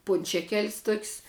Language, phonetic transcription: Lithuanian, ˈpunčekel's' tok's'

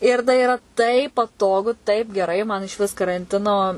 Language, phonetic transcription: Lithuanian, ir tai iˈra taip paˈtogu taip geˈrai man išˈvis karanˈtino

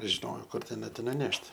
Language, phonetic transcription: Lithuanian, žiˈnojo ˈkur teˈnai ti nuˈnešt'

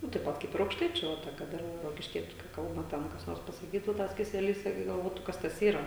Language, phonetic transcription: Lithuanian, ˈnu taip ˈpat ˈkaip ir aukšˈtaičiu ˈva ta kad ˈir rokišˈkiečiu kai ˈkalba ˈten kas ˈnors pasaˈkytu ˈtas keseˈlys ˈirgi galˈvotu ˈkas tas ˈyra

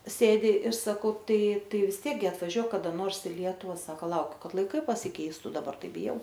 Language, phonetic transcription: Lithuanian, ˈsėdi ir saˈkau ˈtai ˈtai vis ˈtiek gi atvaˈžiuok kaˈda ˈnors i ˈlietuva ˈsaka ˈlaukiu ˈkad laiˈkai pasiˈkeistu daˈbar ˈtai biˈjau

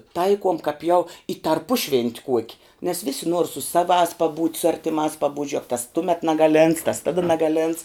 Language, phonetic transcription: Lithuanian, ˈtaikuom kap jau i tarˈpušvent' ˈkuoki nes ˈvisi nuor su ˈsavās paˈbūt' su ˈartimās paˈbūt' ˈžiuek tas ˈtumet nagaˈlėnts tas ˈtada nagaˈlėnts

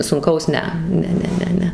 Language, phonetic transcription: Lithuanian, sunˈkaus ˈne ˈne ˈne ˈne ˈne

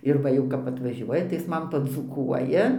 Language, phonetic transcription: Lithuanian, ir ˈva jau kap atvaˈžiuoja tai ˈjis ˈman padzūˈkuoja

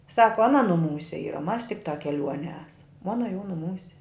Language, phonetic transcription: Lithuanian, ˈsako aˈna nuˈmūse ˈyra ˈmas tikˈtā keˈliuonie ˈesam ˈona jau nuˈmūse

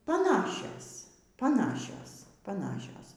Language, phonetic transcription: Lithuanian, paˈnašios paˈnašios paˈnašios

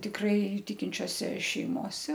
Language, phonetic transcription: Lithuanian, tikˈrai ˈtikinčiose šeiˈmose

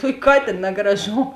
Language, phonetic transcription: Lithuanian, ˈtuok' ˈkatėn negraˈžom

